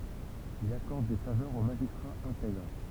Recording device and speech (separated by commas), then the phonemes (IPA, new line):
temple vibration pickup, read sentence
il akɔʁd de favœʁz o maʒistʁaz ɛ̃tɛɡʁ